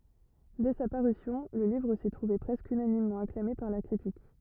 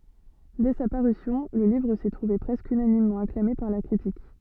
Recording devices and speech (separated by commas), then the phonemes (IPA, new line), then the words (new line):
rigid in-ear microphone, soft in-ear microphone, read sentence
dɛ sa paʁysjɔ̃ lə livʁ sɛ tʁuve pʁɛskə ynanimmɑ̃ aklame paʁ la kʁitik
Dès sa parution, le livre s'est trouvé presque unanimement acclamé par la critique.